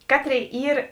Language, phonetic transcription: Lithuanian, ˈkaˌtrėi ˈyr

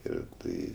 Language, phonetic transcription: Lithuanian, ir ˈtai

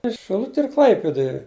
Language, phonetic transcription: Lithuanian, is šiˈluti ir ˈklaipiduj

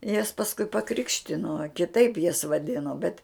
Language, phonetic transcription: Lithuanian, jas pasˈkui paˈkrikštino kiˈtaip jas vaˈdino bet

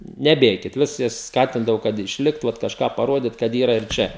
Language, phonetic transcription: Lithuanian, neˈbėkit ˈvis jas ˈskatindavau kad išˈlikt ˈvat kažˈką paˈrodit kad ˈyra ir ˈčia

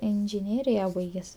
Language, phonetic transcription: Lithuanian, inžiˈnėrija ˈbaiges'

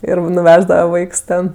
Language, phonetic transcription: Lithuanian, ˈir nuˈveždava ˈvaiks ˈten

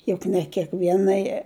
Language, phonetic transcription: Lithuanian, ˈjuk ne kiekˈvienai

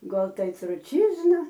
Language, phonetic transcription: Lithuanian, ˈgal ˈtai truˈčyzna

